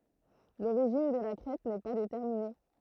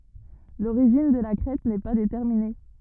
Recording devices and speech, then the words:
throat microphone, rigid in-ear microphone, read sentence
L'origine de la crête n'est pas déterminée.

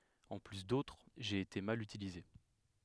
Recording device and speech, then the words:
headset microphone, read sentence
En plus d'autres, j'ai été mal utilisé.

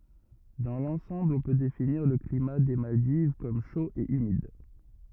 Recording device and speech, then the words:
rigid in-ear microphone, read sentence
Dans l'ensemble on peut définir le climat des Maldives comme chaud et humide.

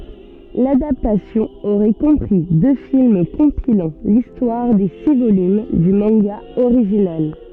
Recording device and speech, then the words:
soft in-ear microphone, read sentence
L'adaptation aurait compris deux films compilant l'histoire des six volumes du manga original.

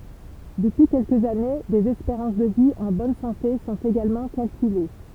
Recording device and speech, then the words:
temple vibration pickup, read sentence
Depuis quelques années, des espérances de vie en bonne santé sont également calculées.

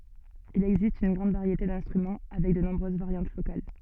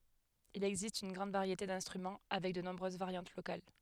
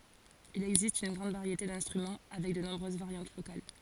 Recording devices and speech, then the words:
soft in-ear microphone, headset microphone, forehead accelerometer, read sentence
Il existe une grande variété d'instruments, avec de nombreuses variantes locales.

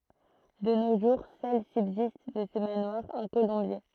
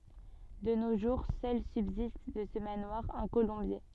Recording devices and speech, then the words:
throat microphone, soft in-ear microphone, read sentence
De nos jours, seul subsiste de ce manoir un colombier.

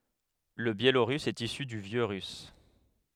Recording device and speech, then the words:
headset microphone, read sentence
Le biélorusse est issu du vieux russe.

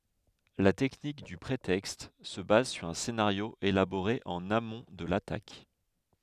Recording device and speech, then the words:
headset microphone, read sentence
La technique du prétexte se base sur un scénario élaboré en amont de l’attaque.

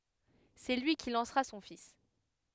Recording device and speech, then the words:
headset microphone, read sentence
C’est lui qui lancera son fils.

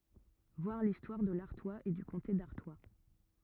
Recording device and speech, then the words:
rigid in-ear microphone, read sentence
Voir l'histoire de l'Artois et du comté d'Artois.

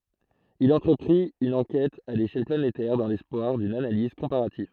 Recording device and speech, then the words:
throat microphone, read sentence
Il entreprit une enquête à l'échelle planétaire dans l'espoir d'une analyse comparative.

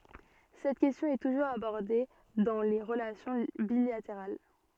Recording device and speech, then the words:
soft in-ear microphone, read sentence
Cette question est toujours abordée dans les relations bilatérales.

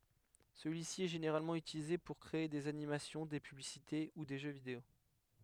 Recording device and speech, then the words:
headset microphone, read sentence
Celui-ci est généralement utilisé pour créer des animations, des publicités ou des jeux vidéo.

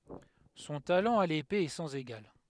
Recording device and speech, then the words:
headset microphone, read sentence
Son talent à l'épée est sans égal.

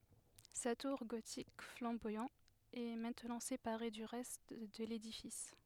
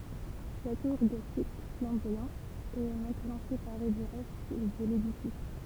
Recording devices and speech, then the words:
headset microphone, temple vibration pickup, read sentence
Sa tour gothique flamboyant est maintenant séparée du reste de l'édifice.

